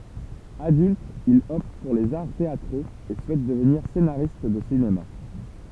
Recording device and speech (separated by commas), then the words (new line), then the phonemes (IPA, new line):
temple vibration pickup, read sentence
Adulte, il opte pour les arts théâtraux et souhaite devenir scénariste de cinéma.
adylt il ɔpt puʁ lez aʁ teatʁoz e suɛt dəvniʁ senaʁist də sinema